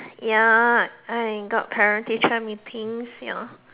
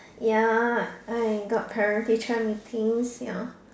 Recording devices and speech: telephone, standing microphone, conversation in separate rooms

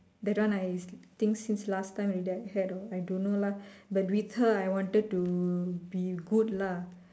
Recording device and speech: standing microphone, conversation in separate rooms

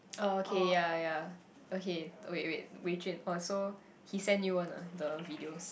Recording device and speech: boundary microphone, conversation in the same room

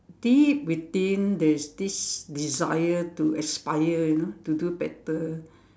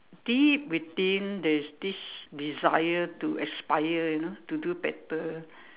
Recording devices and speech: standing microphone, telephone, conversation in separate rooms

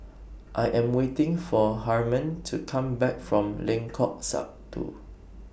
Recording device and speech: boundary microphone (BM630), read sentence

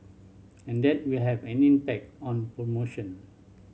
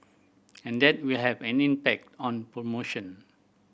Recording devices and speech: mobile phone (Samsung C7100), boundary microphone (BM630), read sentence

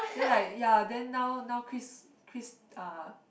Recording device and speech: boundary microphone, conversation in the same room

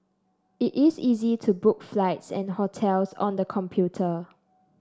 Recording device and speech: standing microphone (AKG C214), read sentence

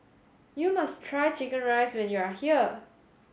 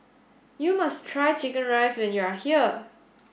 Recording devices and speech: mobile phone (Samsung S8), boundary microphone (BM630), read sentence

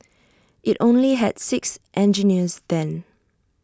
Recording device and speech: standing microphone (AKG C214), read sentence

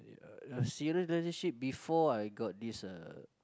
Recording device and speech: close-talking microphone, conversation in the same room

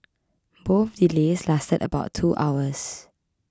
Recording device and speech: close-talking microphone (WH20), read sentence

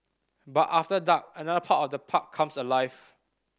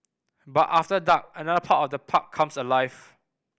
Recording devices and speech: standing microphone (AKG C214), boundary microphone (BM630), read sentence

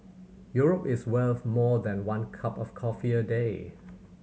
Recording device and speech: mobile phone (Samsung C7100), read sentence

